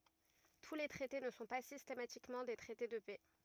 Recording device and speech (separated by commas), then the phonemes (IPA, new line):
rigid in-ear microphone, read sentence
tu le tʁɛte nə sɔ̃ pa sistematikmɑ̃ de tʁɛte də pɛ